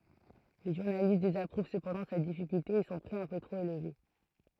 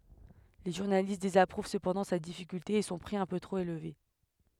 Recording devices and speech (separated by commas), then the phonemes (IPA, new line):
throat microphone, headset microphone, read sentence
le ʒuʁnalist dezapʁuv səpɑ̃dɑ̃ sa difikylte e sɔ̃ pʁi œ̃ pø tʁop elve